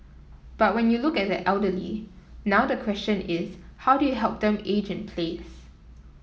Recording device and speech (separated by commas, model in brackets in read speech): mobile phone (iPhone 7), read sentence